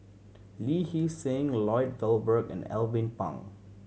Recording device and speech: mobile phone (Samsung C7100), read sentence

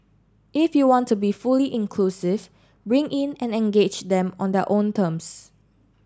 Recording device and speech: standing microphone (AKG C214), read sentence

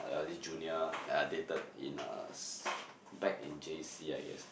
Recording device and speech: boundary microphone, conversation in the same room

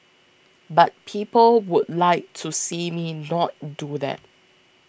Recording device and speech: boundary microphone (BM630), read sentence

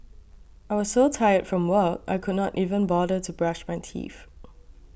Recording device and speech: boundary microphone (BM630), read sentence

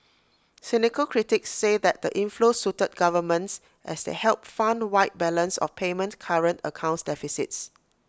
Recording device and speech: close-talking microphone (WH20), read sentence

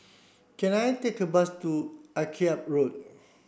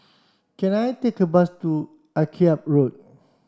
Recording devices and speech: boundary microphone (BM630), standing microphone (AKG C214), read sentence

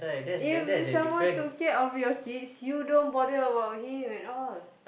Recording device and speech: boundary microphone, conversation in the same room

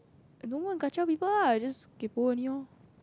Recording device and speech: close-talking microphone, conversation in the same room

